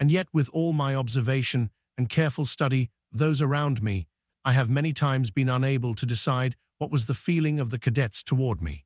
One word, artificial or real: artificial